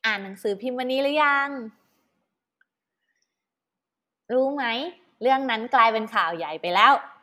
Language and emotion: Thai, happy